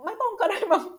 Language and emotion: Thai, happy